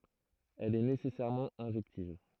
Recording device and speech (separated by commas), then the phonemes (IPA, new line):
throat microphone, read sentence
ɛl ɛ nesɛsɛʁmɑ̃ ɛ̃ʒɛktiv